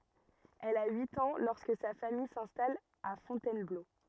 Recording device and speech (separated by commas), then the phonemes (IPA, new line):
rigid in-ear microphone, read sentence
ɛl a yit ɑ̃ lɔʁskə sa famij sɛ̃stal a fɔ̃tɛnblo